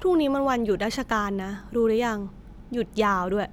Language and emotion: Thai, neutral